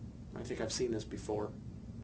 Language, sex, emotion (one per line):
English
male
fearful